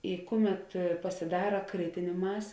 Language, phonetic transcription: Lithuanian, i ˈkuˌmet pasiˈdara ˈkritinė ˈmasė

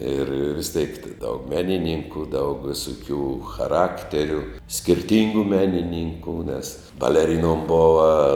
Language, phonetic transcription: Lithuanian, ir vis tėk ti ˈdaug ˈmeninynku daug ˈvisuˌkių chaˈrakteriu skirˈtyngu ˈmeninynkų nes baleˈrinom ˈbova

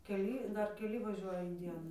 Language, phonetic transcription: Lithuanian, keˈly ˈdar keˈli vaˈžiuoja in ˈdienu

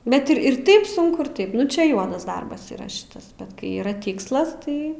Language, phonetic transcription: Lithuanian, ˈbet ir ir ˈtaip ˈsunku ir ˈtaip ˈnu čia ˈjuodas ˈdarbas yˈra ˈšitas bet ˈkai yˈra ˈtikslas ˈtai

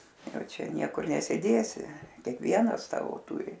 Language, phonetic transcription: Lithuanian, ˈjau ˈčia ˈniekur neˈsidėsi ˈkiekvienas ˈsavo ˈturi

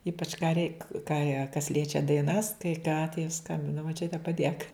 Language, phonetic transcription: Lithuanian, ˈypač ką reik ką ja kas ˈliečia daiˈnas kai ką tai ˈskambina moˈčiute paˈdėk

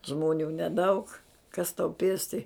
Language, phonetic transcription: Lithuanian, ˈžmonių neˈdaug kas tau ˈpėsti

